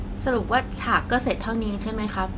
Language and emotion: Thai, frustrated